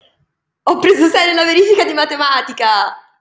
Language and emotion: Italian, happy